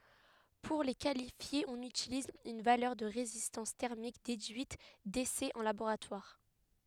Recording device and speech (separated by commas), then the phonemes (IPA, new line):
headset microphone, read sentence
puʁ le kalifje ɔ̃n ytiliz yn valœʁ də ʁezistɑ̃s tɛʁmik dedyit desɛz ɑ̃ laboʁatwaʁ